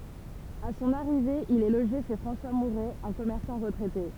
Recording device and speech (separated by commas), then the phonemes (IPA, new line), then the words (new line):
temple vibration pickup, read sentence
a sɔ̃n aʁive il ɛ loʒe ʃe fʁɑ̃swa muʁɛ œ̃ kɔmɛʁsɑ̃ ʁətʁɛte
À son arrivée, il est logé chez François Mouret, un commerçant retraité.